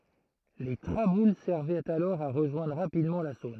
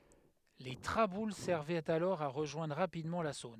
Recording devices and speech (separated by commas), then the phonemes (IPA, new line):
throat microphone, headset microphone, read sentence
le tʁabul sɛʁvɛt alɔʁ a ʁəʒwɛ̃dʁ ʁapidmɑ̃ la sɔ̃n